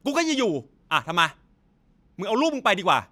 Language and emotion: Thai, angry